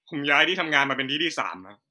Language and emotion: Thai, angry